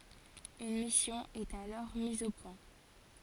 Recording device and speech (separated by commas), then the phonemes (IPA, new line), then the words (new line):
forehead accelerometer, read sentence
yn misjɔ̃ ɛt alɔʁ miz o pwɛ̃
Une mission est alors mise au point.